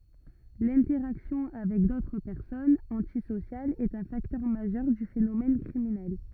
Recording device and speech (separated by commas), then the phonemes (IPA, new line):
rigid in-ear microphone, read sentence
lɛ̃tɛʁaksjɔ̃ avɛk dotʁ pɛʁsɔnz ɑ̃tisosjalz ɛt œ̃ faktœʁ maʒœʁ dy fenomɛn kʁiminɛl